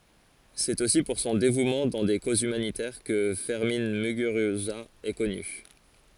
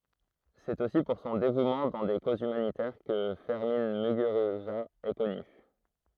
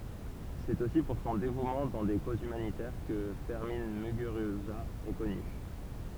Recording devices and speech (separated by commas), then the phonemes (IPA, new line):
forehead accelerometer, throat microphone, temple vibration pickup, read sentence
sɛt osi puʁ sɔ̃ devumɑ̃ dɑ̃ de kozz ymanitɛʁ kə fɛʁmɛ̃ myɡyʁyza ɛ kɔny